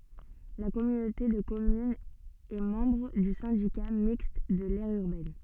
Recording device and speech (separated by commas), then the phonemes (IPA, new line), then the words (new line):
soft in-ear microphone, read sentence
la kɔmynote də kɔmynz ɛ mɑ̃bʁ dy sɛ̃dika mikst də lɛʁ yʁbɛn
La communauté de communes est membre du Syndicat Mixte de l'Aire Urbaine.